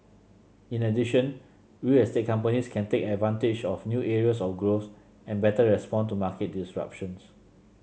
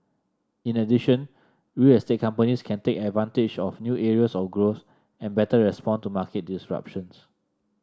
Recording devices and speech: mobile phone (Samsung C7), standing microphone (AKG C214), read sentence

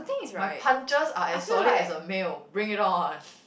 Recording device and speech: boundary microphone, conversation in the same room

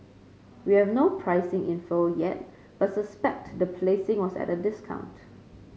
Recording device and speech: mobile phone (Samsung C5), read sentence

